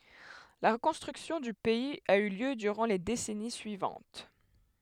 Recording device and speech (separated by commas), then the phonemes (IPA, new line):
headset microphone, read sentence
la ʁəkɔ̃stʁyksjɔ̃ dy pɛiz a y ljø dyʁɑ̃ le desɛni syivɑ̃t